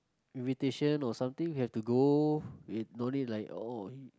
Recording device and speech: close-talking microphone, conversation in the same room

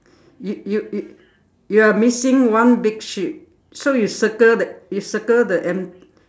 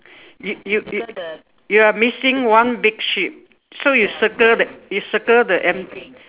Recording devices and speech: standing microphone, telephone, conversation in separate rooms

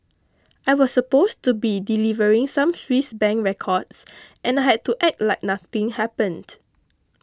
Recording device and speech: close-talking microphone (WH20), read sentence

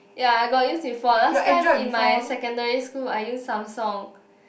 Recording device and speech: boundary microphone, conversation in the same room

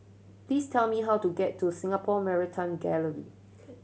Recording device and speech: mobile phone (Samsung C7100), read sentence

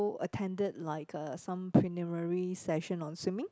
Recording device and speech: close-talking microphone, conversation in the same room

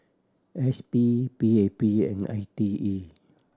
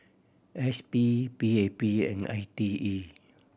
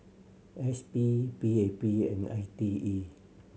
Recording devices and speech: standing microphone (AKG C214), boundary microphone (BM630), mobile phone (Samsung C7100), read sentence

